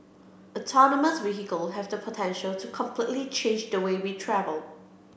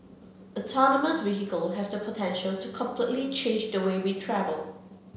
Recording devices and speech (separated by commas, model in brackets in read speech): boundary microphone (BM630), mobile phone (Samsung C7), read sentence